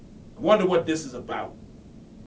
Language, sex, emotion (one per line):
English
male
angry